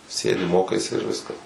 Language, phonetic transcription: Lithuanian, ˈsėdi ˈmokaisi ir ˈviskas

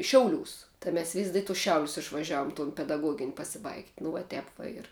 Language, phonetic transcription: Lithuanian, ˈšiauˌliūs tai ˈmes vis' di tus ˈšiaulius išvaˈžiaum tun pedaˈguogin' pasiˈbaigt' nu va ˈtep va ˈir

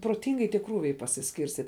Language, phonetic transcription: Lithuanian, proˈtingai tie ˈkrūviai pasiskirsˈtyt'

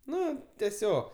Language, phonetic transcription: Lithuanian, ˈnu teˈsiog

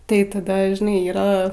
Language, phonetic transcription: Lithuanian, tai taˈda žiˈnai ˈyra

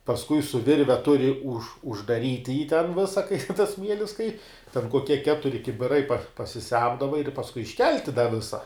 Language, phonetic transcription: Lithuanian, pasˈkui su ˈvirve ˈturi už uždaˈryti jį ten ˈvisa kai tas ˈsmielis kai ten koˈkie ˈketuri kibiˈrai pasiˈsemdava ir pasˈkui išˈkelti da ˈvisa

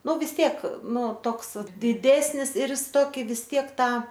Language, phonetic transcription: Lithuanian, ˈnu vis ˈtiek ˈnu ˈtoks diˈdesnis ir jis ˈtoki vis ˈtiek ˈtą

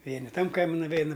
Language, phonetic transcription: Lithuanian, ˈvieni ˈtam ˈkaimi nuˈveina

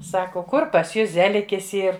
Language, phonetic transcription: Lithuanian, ˈsako ˈkur pas ˈjus ˈzelikis ˈyr

